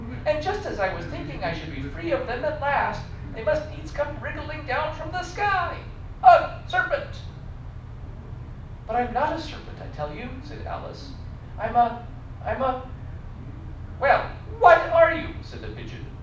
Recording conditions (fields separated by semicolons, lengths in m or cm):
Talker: one person; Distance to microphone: 5.8 m; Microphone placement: far; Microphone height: 1.8 m; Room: medium-sized (5.7 m by 4.0 m); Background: television